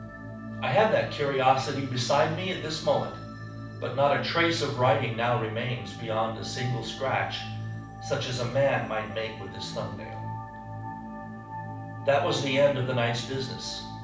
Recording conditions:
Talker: one person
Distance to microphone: 5.8 m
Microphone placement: far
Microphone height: 1.8 m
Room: medium-sized (5.7 m by 4.0 m)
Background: music

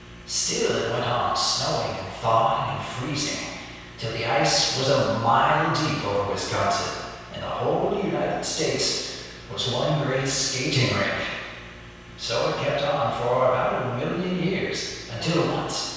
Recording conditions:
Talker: one person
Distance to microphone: 7.1 m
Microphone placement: far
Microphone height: 1.7 m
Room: very reverberant, large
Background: none

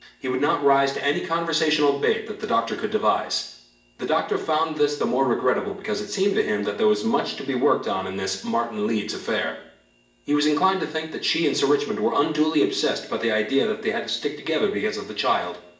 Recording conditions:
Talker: one person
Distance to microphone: 1.8 m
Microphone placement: close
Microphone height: 1.0 m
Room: large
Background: none

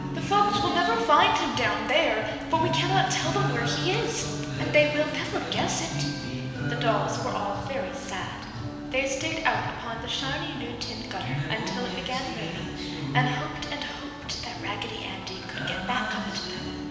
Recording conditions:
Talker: one person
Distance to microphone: 1.7 m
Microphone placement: close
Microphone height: 1.0 m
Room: very reverberant, large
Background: music

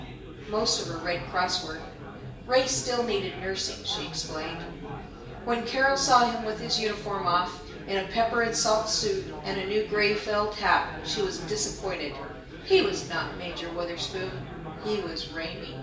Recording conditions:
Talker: one person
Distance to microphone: 1.8 m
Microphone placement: close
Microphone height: 1.0 m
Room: large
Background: babble

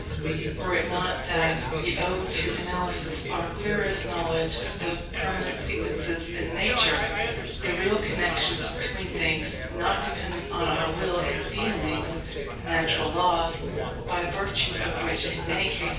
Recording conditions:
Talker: one person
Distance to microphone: 9.8 m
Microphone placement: far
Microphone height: 1.8 m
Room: large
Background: babble

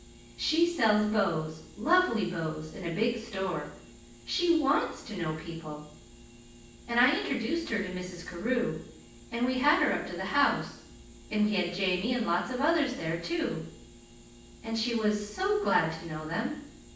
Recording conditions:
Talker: one person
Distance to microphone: 9.8 m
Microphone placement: far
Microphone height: 1.8 m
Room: large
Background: none

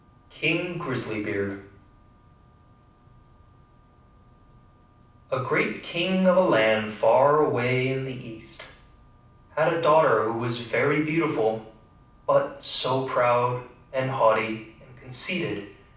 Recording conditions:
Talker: one person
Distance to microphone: 5.8 m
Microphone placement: far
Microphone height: 1.8 m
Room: medium-sized (5.7 m by 4.0 m)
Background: none

